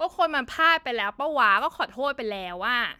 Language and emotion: Thai, frustrated